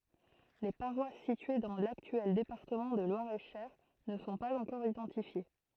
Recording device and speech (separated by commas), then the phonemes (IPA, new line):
throat microphone, read sentence
le paʁwas sitye dɑ̃ laktyɛl depaʁtəmɑ̃ də lwaʁɛtʃœʁ nə sɔ̃ paz ɑ̃kɔʁ idɑ̃tifje